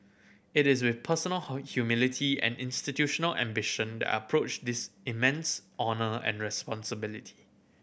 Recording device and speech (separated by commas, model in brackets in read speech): boundary microphone (BM630), read sentence